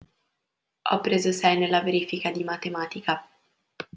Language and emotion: Italian, neutral